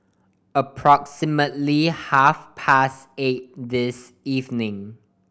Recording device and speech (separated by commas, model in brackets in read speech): boundary microphone (BM630), read sentence